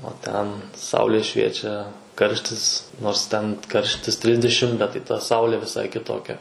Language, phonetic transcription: Lithuanian, o ˈten ˈsaulė ˈšviečia ˈkarštis nors ˈten ˈkarštis ˈtrisdešim bet tai ta ˈsaulė viˈsai kiˈtokia

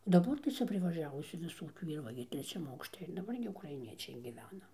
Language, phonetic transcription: Lithuanian, o daˈbar tai ˈcia privaˈžiavusiu viˈsokių yˈra ˈva gi treˈčiam ˈaukšte ir daˈbar gi ukraiˈniečiai giˈvena

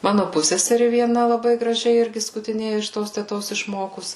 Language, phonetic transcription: Lithuanian, ˈmanu ˈpusseseri vieˈna laˈbai graˈžiai ˈirgi skutiˈnėja iš ˈtos teˈtos išˈmokus

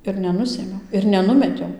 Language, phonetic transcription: Lithuanian, ir neˈnusėmiau ir neˈnumetiau

